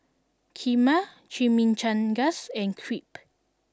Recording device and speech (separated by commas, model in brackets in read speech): standing microphone (AKG C214), read sentence